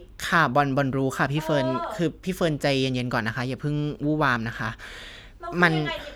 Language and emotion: Thai, frustrated